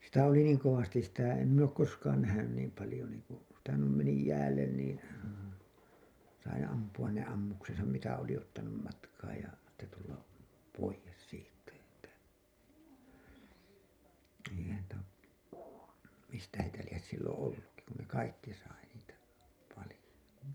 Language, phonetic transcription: Finnish, sitä oli "niiŋ 'kovastis sitä , em min ‿ook 'koskaan nähänyn 'niim palĭjo niiŋku , sitä nuim meni 'jäällen niin̬ , sai 'ampu₍an ne 'ammuksesam mitä oli 'ottanum matkaaj ja , sitte tulla , 'poijes siittä että , eihän ‿tä , 'mistä heitä lies silloo̰ 'ollukki kun ne 'kaikki sai niitä , 'palĭjo .
- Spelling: sitä oli niin kovasti sitä en minä ole koskaan nähnyt niin paljon niin kuin sitä noin meni jäälle niin sai ampua ne ammuksensa mitä oli ottanut matkaan ja sitten tulla pois siitä että eihän että mistä heitä lie silloin ollutkin kun ne kaikki sai niitä paljon

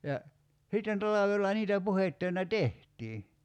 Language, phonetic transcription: Finnish, ja , 'sitten 'talavella niitä 'puhettöinä "tehtii .
- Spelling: ja sitten talvella niitä puhdetöinä tehtiin

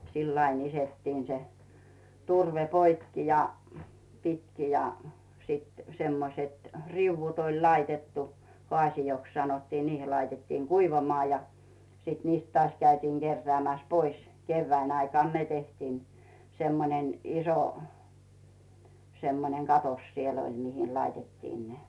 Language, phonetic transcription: Finnish, sill ‿ain ‿'isettiin se , 'turve 'poikki ja , 'pitki ja , sit , semmoset , 'riᵘwvut ‿oĺ 'laitettu , 'hoàsijoks sanottiin 'niihil̆ laitettiiŋ "kuivamᵒà ja , sìt 'niist tᵒaaś käytiiŋ 'Gerreä̀mäs 'pois , 'keyvvään aikàn "ne 'tehtiin , semmonen , iso , semmoneŋ 'katos siell ‿oĺ mihin 'laitettiin ne .
- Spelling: sillä aina iskettiin se turve poikki ja pitkin ja sitten semmoiset riu'ut oli laitettu haasioiksi sanottiin niihin laitettiin kuivamaan ja sitten niistä taas käytiin keräämässä pois kevään aikana ne tehtiin semmoinen iso semmoinen katos siellä oli mihin laitettiin ne

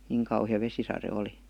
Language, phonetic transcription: Finnish, niŋ kauhⁱja 'vesisare 'oli .
- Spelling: niin kauhea vesisade oli

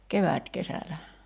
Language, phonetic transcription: Finnish, "kevä̀tkesälä .
- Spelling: kevätkesällä

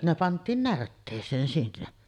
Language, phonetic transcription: Finnish, ne 'pant̀iin "närttees̀een sinne .
- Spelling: ne pantiin närtteeseen sinne

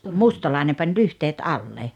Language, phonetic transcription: Finnish, mustalàene 'pań "lyhteet "alle .
- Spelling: mustalainen pani lyhteet alle

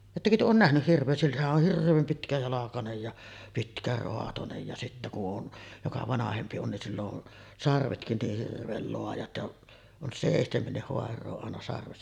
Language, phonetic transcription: Finnish, 'ettäkö työ oon "nähnyh 'hirv̆vee , sillähä’ ’oh 'hirv̆veem 'pitkäjalakanej ja , 'pitkäroatonej ja sittä ku ’on , joka "vanahempi on nin 'sill ‿on , 'sarvetkin niih 'hirv̆veel loajat ja’ , on 'sèihtemennih 'hoar̆roo àena sarvessa .
- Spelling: ettekö te ole nähnyt hirveä sillähän on hirveän pitkäjalkainen ja pitkäraatoinen ja sitten kun on joka vanhempi on niin sillä on sarvetkin niin hirveän laajat ja on seitsemänkin haaraa aina sarvessa

